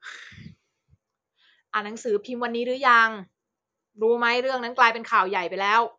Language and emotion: Thai, frustrated